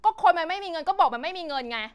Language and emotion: Thai, angry